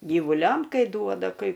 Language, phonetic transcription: Lithuanian, gyvuˈliam ˈkai ˈduoda kai ˈkų

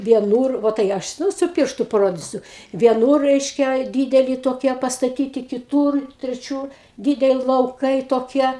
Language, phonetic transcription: Lithuanian, vieˈnūr ˈvo tai ˈaš ˈnū su ˈpirštu paˈrodysiu vieˈnūr ˈreiškia ˈdydeli toˈkie pastaˈtyti kiˈtūr treˈčiūr ˈdydeli lauˈkai toˈkie

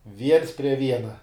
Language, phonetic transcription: Lithuanian, viens prie ˈviena

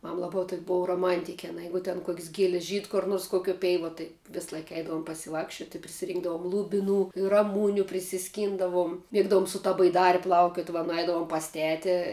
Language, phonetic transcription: Lithuanian, ˈmam ˈlaba tok' ˈbova roˈmantiki aˈna ˈjeigu ten kuok's' giel's' žyd kur ˈnors koˈkiuo ˈpeivuo tai ˈvis ˈlaik ˈeidavom pasiˈvakščiot' i prisiˈrynkdavom lubiˈnų ir raˈmūniu prisiˈskyndavum ˈmėgdavum su ˈta baiˈdari ˈplaukiot va nuˈeidavom pas ˈteti

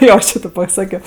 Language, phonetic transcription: Lithuanian, ˈjo ˈči ti paˈsakio

